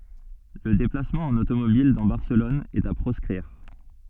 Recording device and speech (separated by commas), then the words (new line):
soft in-ear microphone, read sentence
Le déplacement en automobile dans Barcelone est à proscrire.